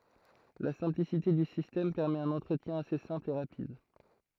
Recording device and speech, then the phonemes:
throat microphone, read sentence
la sɛ̃plisite dy sistɛm pɛʁmɛt œ̃n ɑ̃tʁətjɛ̃ ase sɛ̃pl e ʁapid

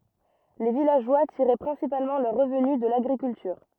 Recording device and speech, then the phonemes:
rigid in-ear microphone, read sentence
le vilaʒwa tiʁɛ pʁɛ̃sipalmɑ̃ lœʁ ʁəvny də laɡʁikyltyʁ

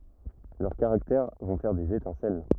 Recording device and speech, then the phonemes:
rigid in-ear microphone, read sentence
lœʁ kaʁaktɛʁ vɔ̃ fɛʁ dez etɛ̃sɛl

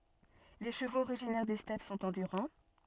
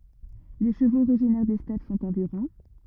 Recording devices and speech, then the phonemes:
soft in-ear microphone, rigid in-ear microphone, read sentence
le ʃəvoz oʁiʒinɛʁ de stɛp sɔ̃t ɑ̃dyʁɑ̃

